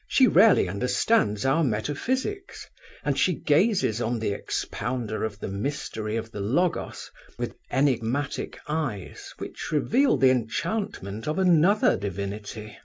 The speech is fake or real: real